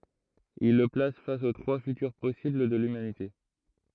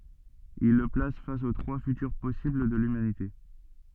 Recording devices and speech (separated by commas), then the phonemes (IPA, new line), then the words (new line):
throat microphone, soft in-ear microphone, read sentence
il lə plas fas o tʁwa fytyʁ pɔsibl də lymanite
Il le place face aux trois futurs possibles de l'humanité.